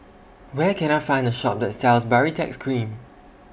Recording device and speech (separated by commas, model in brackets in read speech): boundary microphone (BM630), read sentence